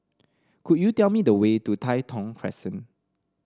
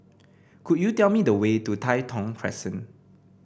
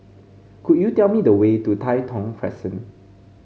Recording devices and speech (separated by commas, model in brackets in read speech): standing microphone (AKG C214), boundary microphone (BM630), mobile phone (Samsung C5), read sentence